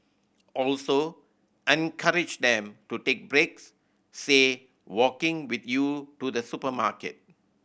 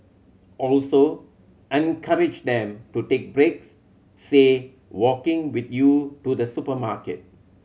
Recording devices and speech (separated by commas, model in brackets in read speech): boundary microphone (BM630), mobile phone (Samsung C7100), read sentence